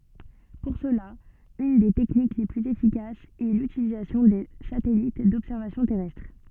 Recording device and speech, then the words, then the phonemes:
soft in-ear microphone, read sentence
Pour cela, une des techniques les plus efficaces est l'utilisation de satellites d'observation terrestre.
puʁ səla yn de tɛknik le plyz efikasz ɛ lytilizasjɔ̃ də satɛlit dɔbsɛʁvasjɔ̃ tɛʁɛstʁ

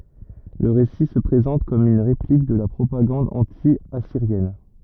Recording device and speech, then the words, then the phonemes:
rigid in-ear microphone, read sentence
Le récit se présente comme une réplique de la propagande anti-assyrienne.
lə ʁesi sə pʁezɑ̃t kɔm yn ʁeplik də la pʁopaɡɑ̃d ɑ̃tjasiʁjɛn

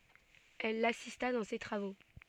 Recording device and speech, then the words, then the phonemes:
soft in-ear microphone, read sentence
Elle l’assista dans ses travaux.
ɛl lasista dɑ̃ se tʁavo

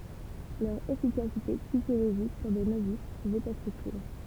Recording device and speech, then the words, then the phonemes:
temple vibration pickup, read sentence
Leur efficacité psychologique sur des novices pouvait être utile.
lœʁ efikasite psikoloʒik syʁ de novis puvɛt ɛtʁ ytil

